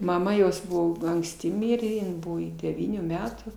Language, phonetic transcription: Lithuanian, maˈma ˈjos ˈbuvo anksˈti ˈmirė in ˈbuvo i deˈvynių ˈmetų

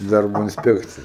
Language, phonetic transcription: Lithuanian, ˈdarbo insˈpekcija

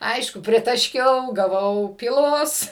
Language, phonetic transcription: Lithuanian, ˈaišku pritaˈškiau gaˈvau pyˈlos

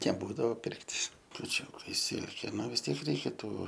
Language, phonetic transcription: Lithuanian, neˈbūdavo ˈpirkt' kuˈčiūkai ˈsilkė ˈnu vis ˈtiek reiˈkia ˈtų

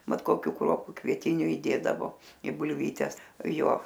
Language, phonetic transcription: Lithuanian, ˈmat koˈkių ˈkruopu kvieˈtiniu įˈdėdavo i bulˈvytes ˈjo

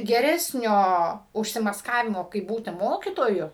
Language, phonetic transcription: Lithuanian, geˈresnio užsimasˈkavimo kaip ˈbūti ˈmokitoju

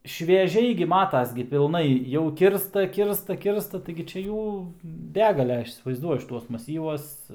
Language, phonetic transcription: Lithuanian, švieˈžiai gi ˈmatas gi pilˈnai jau ˈkirsta ˈkirsta ˈkirsta taigi ˈčia ˈjų ˈbegale ˈaš įsivaizˈduoju šiˈtuos maˈsyvuos

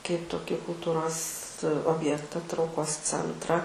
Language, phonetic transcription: Lithuanian, kaip toˈkį kulˈtūros obˈjekta trauˈkos ˈcentra

